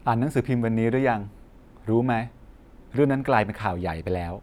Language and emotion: Thai, neutral